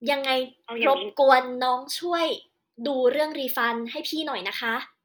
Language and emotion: Thai, angry